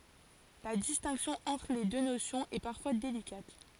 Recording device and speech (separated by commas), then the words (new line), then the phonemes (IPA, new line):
forehead accelerometer, read sentence
La distinction entre les deux notions est parfois délicate.
la distɛ̃ksjɔ̃ ɑ̃tʁ le dø nosjɔ̃z ɛ paʁfwa delikat